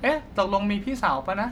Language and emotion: Thai, neutral